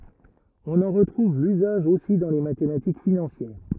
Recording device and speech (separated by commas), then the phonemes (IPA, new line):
rigid in-ear microphone, read sentence
ɔ̃n ɑ̃ ʁətʁuv lyzaʒ osi dɑ̃ le matematik finɑ̃sjɛʁ